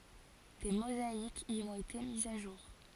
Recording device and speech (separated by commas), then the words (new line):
forehead accelerometer, read sentence
Des mosaïques y ont été mises à jour.